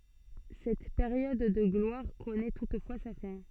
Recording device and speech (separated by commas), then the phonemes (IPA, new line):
soft in-ear microphone, read sentence
sɛt peʁjɔd də ɡlwaʁ kɔnɛ tutfwa sa fɛ̃